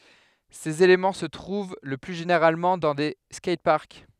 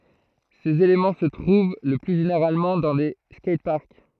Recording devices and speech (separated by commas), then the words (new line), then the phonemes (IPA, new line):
headset microphone, throat microphone, read sentence
Ces éléments se trouvent le plus généralement dans des skateparks.
sez elemɑ̃ sə tʁuv lə ply ʒeneʁalmɑ̃ dɑ̃ de skɛjtpaʁk